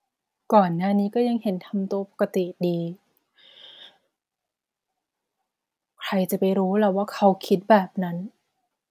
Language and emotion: Thai, frustrated